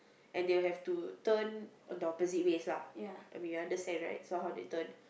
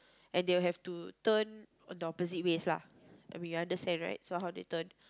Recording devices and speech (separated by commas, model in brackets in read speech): boundary microphone, close-talking microphone, conversation in the same room